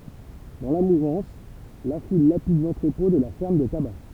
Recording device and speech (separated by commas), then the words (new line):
temple vibration pickup, read sentence
Dans la mouvance, la foule lapide l’entrepôt de la ferme des tabacs.